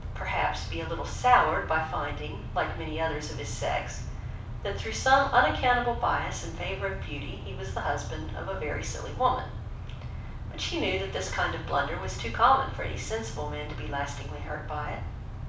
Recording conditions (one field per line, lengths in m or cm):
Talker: one person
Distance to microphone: 5.8 m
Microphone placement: far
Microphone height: 1.8 m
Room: medium-sized (5.7 m by 4.0 m)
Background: none